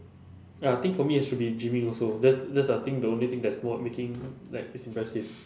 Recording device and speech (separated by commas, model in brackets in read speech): standing microphone, conversation in separate rooms